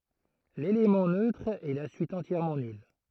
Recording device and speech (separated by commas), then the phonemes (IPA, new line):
throat microphone, read sentence
lelemɑ̃ nøtʁ ɛ la syit ɑ̃tjɛʁmɑ̃ nyl